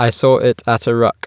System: none